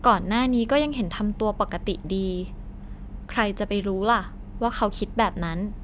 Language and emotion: Thai, neutral